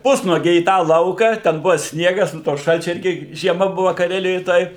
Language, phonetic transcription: Lithuanian, ˈpusnuogiai į ˈtą ˈlauką ten ˈbuva ˈsniegas nu to ˈšalčiu ˈirgi žieˈma ˈbuva kaˈrelijoj ˈtoj

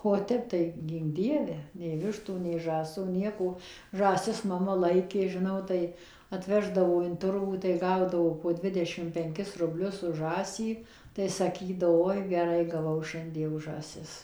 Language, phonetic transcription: Lithuanian, o ˈtep tai ˈgynk ˈdieve nei ˈvištų nei ˈžąsų ˈnieko žąˈsis maˈma ˈlaikė žiˈnau ˈtai atˈveždavo in ˈturgų tai ˈgaudavo po ˈdvidešim penˈkis rubˈlius už ˈžąsį tai saˈkydavo ˈoi geˈrai gaˈvau ˈšiandie už žąˈsis

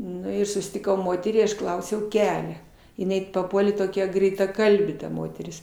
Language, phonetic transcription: Lithuanian, ˈnu ir sustiˈkau ˈmoterį aš ˈklausiau ˈkelia jiˈnai paˈpuolė toˈkia greitaˈkalbė ta ˈmoteris

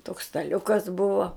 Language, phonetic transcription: Lithuanian, toks staˈliukas ˈbuvo

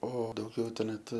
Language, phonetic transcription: Lithuanian, ˈo dauˈgiau tai ˈnet

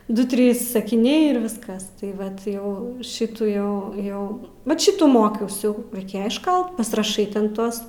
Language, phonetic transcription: Lithuanian, ˈdu ˈtrys sakiˈniai ir ˈviskas tai ˈvat ˈjau ˈšitų ˈjau ˈjau vat ˈšitų ˈmokiaus jau raiˈkėja išˈkalt pasiraˈšai ten ˈtuos

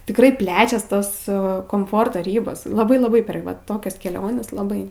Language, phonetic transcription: Lithuanian, tikˈrai ˈplečias ˈtos komˈforto ˈrybos laˈbai laˈbai per ˈva ˈtokias keˈliones laˈbai

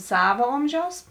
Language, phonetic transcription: Lithuanian, ˈsavo ˈomžiaus

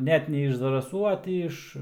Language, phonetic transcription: Lithuanian, ˈnet ne iš zaraˈsų a ˈtį iš

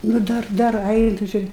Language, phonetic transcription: Lithuanian, nu ˈdar ˈdar ˈainu či

